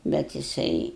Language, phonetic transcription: Lithuanian, ˈbet jiˈsai

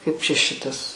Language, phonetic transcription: Lithuanian, kaip čia ˈšitas

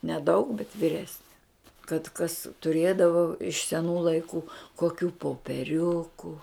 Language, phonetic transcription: Lithuanian, neˈdaug bet vyˈresne kad kas tuˈrėdavo iš seˈnų laiˈkų koˈkių popeˈriuku

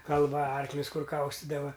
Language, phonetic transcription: Lithuanian, kalˈva ˈarklius ˈkur ˈkaustidava

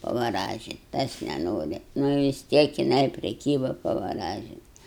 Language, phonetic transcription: Lithuanian, pavaˈražit ˈtas neˈnori nu vis ˈtiek jiˈnai priˈkyba pavaˈražint

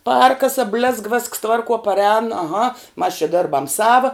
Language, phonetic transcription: Lithuanian, ˈpærkasa blėzg vėsks ˈtvarˌkuo paˈrēn aˈha mas čia ˈdėrbam ˈsava

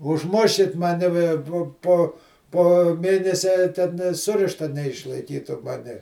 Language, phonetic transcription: Lithuanian, užˈmuškit maˈni ve ˈpo ˈpo po ˈmėnesia ten nė ˈsurišta neišlaiˈkytu ˈmani

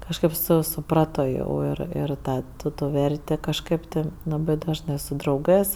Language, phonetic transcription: Lithuanian, kažˈkaip ˈsu suˈprato jau ˈir ir ˈtą ˈtu ˈtų ˈvertė ˈkažkɜp ti ˈlabɜ dažˈnɜ su drauˈgɜs

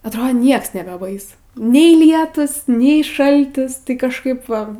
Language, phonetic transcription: Lithuanian, atˈrod ˈnieks nebeˈbaisu ˈnei ˈlietūs ˈnei ˈšaltis tai kažˈkaip va

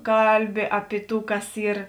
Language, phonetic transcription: Lithuanian, ˈkalˌbi ˈapi ˌtų ˈkas ˈyr

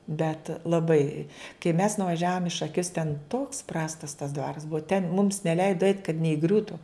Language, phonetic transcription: Lithuanian, bet laˈbai kai mes nuvaˈžiavom i šaˈkius ten toks ˈprastas tas ˈdvaras ˈbua ten mums neˈleido eit kad neiˈgriūtu

